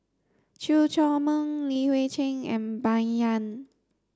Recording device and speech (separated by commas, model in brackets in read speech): standing microphone (AKG C214), read sentence